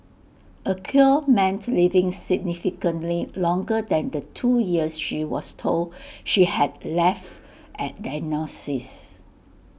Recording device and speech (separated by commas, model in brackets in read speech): boundary microphone (BM630), read sentence